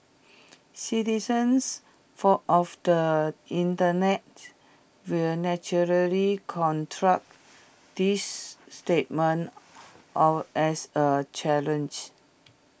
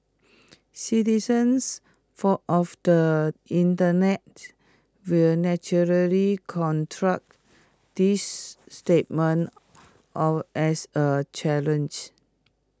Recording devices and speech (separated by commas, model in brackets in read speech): boundary microphone (BM630), close-talking microphone (WH20), read sentence